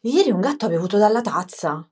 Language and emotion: Italian, surprised